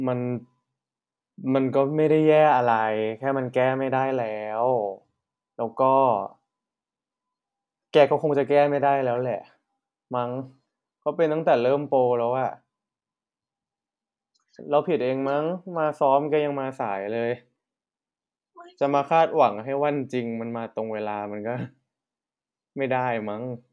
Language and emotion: Thai, frustrated